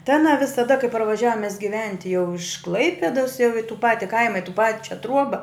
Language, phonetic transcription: Lithuanian, tai aˈna visaˈda kai parvaˈžiavom mes giˈventi jau iš ˈklaipedas jau i tu ˈpati ˈkaima i tu ˈpačia ˈtruoba

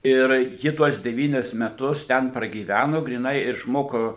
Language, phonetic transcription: Lithuanian, ir ˈji tuos deˈvynis meˈtus ˈten pragyˈvæno gryˈnai išˈmoko

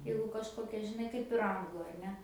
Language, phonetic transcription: Lithuanian, ˈjeigu kažˈkokia žiˈnai kaip ir ˈanglu ar ˈne

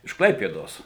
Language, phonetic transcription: Lithuanian, iš ˈklaipėdos

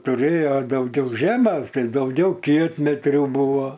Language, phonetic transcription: Lithuanian, tuˈrėja dauˈgiau ˈžemes ˈtai ˈdaugiau ˈkietmetrių ˈbuvo

